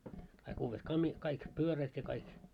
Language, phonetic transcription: Finnish, kaik 'uuvvet 'kami- , 'kaik "pyörät ja kaik .
- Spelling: kaikki uudet - kaikki pyörät ja kaikki

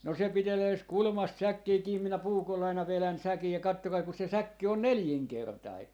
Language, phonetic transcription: Finnish, no se 'pitelee ‿s- , 'kulmast "säkkii 'kiim minä "puukoll ‿aina 'velän 'säkij ja 'kattokai ku se "säkki on "neljiŋkertai .
- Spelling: no se pitelee - kulmasta säkkiä kiinni minä puukolla aina vedän säkin ja katsokaa kun se säkki on nelinkertainen

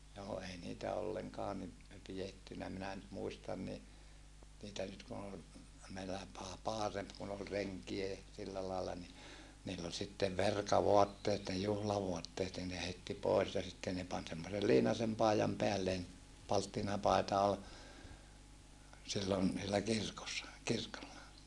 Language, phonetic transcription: Finnish, joo ei niitä olleŋkaa ni , pijettynä minä nyt muistan ni , niitä nyt kun ‿ol , meillä (paa - paaremp) kun ‿ol reŋkie ja , sillä laalla ni , niill ‿ol sittev verkavoatteet ne juhlavoatteet nin ne heitti poes ja sitten ne pan semmosel liinasem pàijam peälleen , palttinapài̮ta ol , sillon , niillä kirkossa , kirkolla .
- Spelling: joo ei niitä ollenkaan niin pidetty minä nyt muistan niin niitä nyt kun oli meillä - parempi kun oli renkejä ja sillä lailla niin niillä oli sitten verkavaatteet ne juhlavaatteet niin ne heitti pois ja sitten ne pani semmoisen liinaisen paidan päälleen palttinapaita oli silloin niillä kirkossa kirkolla

